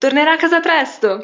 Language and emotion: Italian, happy